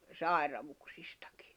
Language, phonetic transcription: Finnish, 'sài̬ravuksɪstᴀkɪ .
- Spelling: sairauksistakin

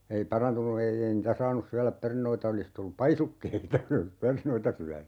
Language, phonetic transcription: Finnish, ei 'parantunu ei 'ei niitä "saanus 'syäläp 'pernoita 'olis tullup "paisukkeita 'jos olis "pernoita 'syäny .
- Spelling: ei parantunut ei ei niitä saanut syödä perunoita olisi tullut paisukkeita jos olisi perunoita syönyt

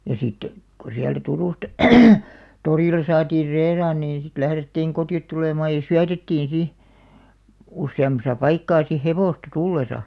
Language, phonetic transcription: Finnish, ja sit , ko siältä 'Turùsta , 'torìl̆la saatiir "reiraan niin sit 'lährettiiŋ 'koti₍ot tulèmaaj ja "syätettiin 'si , 'usse₍am̆masa 'paikkaa si "hevòsta "tullesa .
- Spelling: ja sitten kun sieltä Turusta torilla saatiin reilaan niin sitten lähdettiin kotiin tulemaan ja syötettiin sitten useammassa paikkaa sitten hevosta tullessa

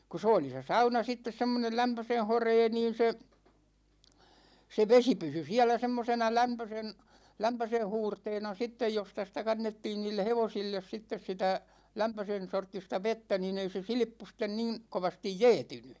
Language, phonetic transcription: Finnish, ku 's ‿ooli se "sauna 'sittes semmonel 'lämpösen̬ 'horee niin̬ se , 'se 'vesi 'pysy 'siälä 'semmosena 'lämpösen , 'lämpösen̬ "huurteena 'sittej 'josta sⁱtä 'kannettiin 'niille "hevosilles sittes 'sitä , 'lämpösen 'sorttista "vettä nin ‿ei se "silⁱppu sten 'niin , 'kovastij "jɛɛtyny .
- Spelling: kun se oli se sauna sitten semmoinen lämpöisen horea niin se se vesi pysyi siellä semmoisena lämpöisen lämpöisen huurteena sitten josta sitä kannettiin niille hevosille sitten sitä lämpöisen sorttista vettä niin ei se silppu sitten niin kovasti jäätynyt

